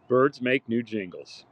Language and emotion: English, angry